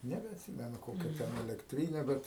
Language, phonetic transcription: Lithuanian, nebeatˈsymenu ˈkokia ˈten elekˈtryne ˈbet

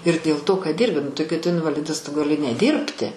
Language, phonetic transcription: Lithuanian, ir dėl to kad ˈdyrbi nu tai kai tu invaˈlidas tu gaˈli neˈdyrbti

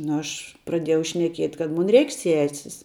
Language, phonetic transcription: Lithuanian, ˈnu ˈaš praˈdiejau šneˈkiet' kad ˈmun ˈreik' ˈsesis

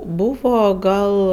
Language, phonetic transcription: Lithuanian, ˈbūvo ˈgal

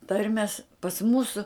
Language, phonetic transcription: Lithuanian, ˈtarmes pas ˈmūsu

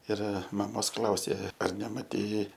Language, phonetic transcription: Lithuanian, ir maˈmos ˈklausė ar nemaˈtei

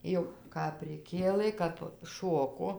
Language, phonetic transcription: Lithuanian, ˈjau kap priˈkėlɘ kap ˈšoko

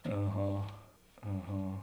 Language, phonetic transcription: Lithuanian, aˈha aˈha

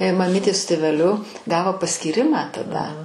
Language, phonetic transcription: Lithuanian, maˈmytė su tėveˈliu ˈgavo paskyˈrimą taˈda

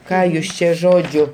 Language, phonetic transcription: Lithuanian, ˈką jus ˈčia ˈžodžiu

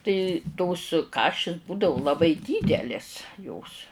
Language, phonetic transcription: Lithuanian, tai tos ˈkašis ˈbūdavu laˈbai ˈdydelės jos

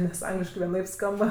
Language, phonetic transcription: Lithuanian, nes ˈangliškai vieˈnaip ˈskamba

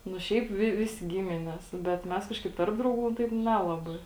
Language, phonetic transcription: Lithuanian, nu ˈšiaip ˈvi ˈvisi ˈgimines bet ˈmes ˈkažkaip ˈtarp drauˌgų ˈtaip ˈnelabai

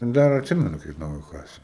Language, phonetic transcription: Lithuanian, ten ˈdar atˈsimenu kaip ˈnauju ˈkasė

